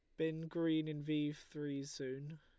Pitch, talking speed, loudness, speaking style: 150 Hz, 165 wpm, -41 LUFS, Lombard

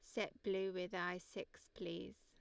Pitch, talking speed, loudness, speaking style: 185 Hz, 180 wpm, -45 LUFS, Lombard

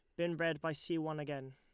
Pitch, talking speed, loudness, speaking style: 160 Hz, 270 wpm, -39 LUFS, Lombard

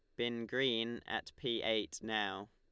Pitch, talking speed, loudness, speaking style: 115 Hz, 155 wpm, -37 LUFS, Lombard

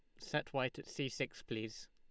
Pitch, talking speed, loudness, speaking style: 130 Hz, 210 wpm, -41 LUFS, Lombard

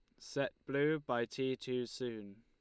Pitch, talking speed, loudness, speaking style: 125 Hz, 165 wpm, -38 LUFS, Lombard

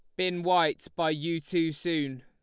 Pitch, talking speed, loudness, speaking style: 170 Hz, 175 wpm, -29 LUFS, Lombard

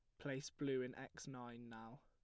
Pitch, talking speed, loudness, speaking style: 130 Hz, 200 wpm, -48 LUFS, plain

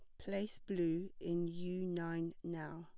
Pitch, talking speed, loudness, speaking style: 170 Hz, 140 wpm, -41 LUFS, plain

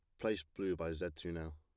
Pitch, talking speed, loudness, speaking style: 85 Hz, 265 wpm, -41 LUFS, plain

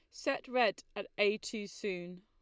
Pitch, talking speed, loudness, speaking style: 205 Hz, 180 wpm, -35 LUFS, Lombard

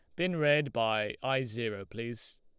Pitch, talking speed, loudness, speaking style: 120 Hz, 165 wpm, -32 LUFS, Lombard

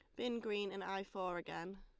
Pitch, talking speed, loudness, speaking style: 195 Hz, 225 wpm, -43 LUFS, Lombard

